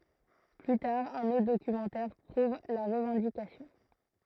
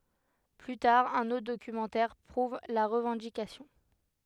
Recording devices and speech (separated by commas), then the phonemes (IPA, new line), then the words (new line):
throat microphone, headset microphone, read sentence
ply taʁ œ̃n otʁ dokymɑ̃tɛʁ pʁuv la ʁəvɑ̃dikasjɔ̃
Plus tard, un autre documentaire prouvent la revendication.